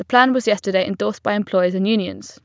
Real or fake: real